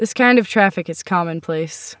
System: none